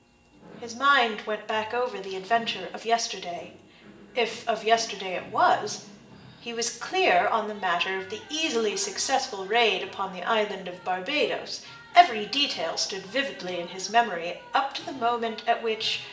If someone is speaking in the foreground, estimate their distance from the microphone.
1.8 m.